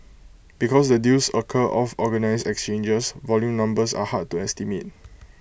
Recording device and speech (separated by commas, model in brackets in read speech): boundary microphone (BM630), read sentence